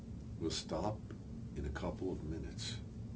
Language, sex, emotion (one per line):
English
male
neutral